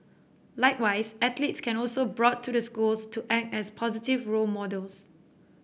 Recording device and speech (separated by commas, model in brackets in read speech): boundary microphone (BM630), read sentence